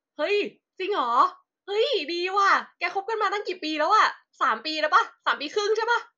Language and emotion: Thai, happy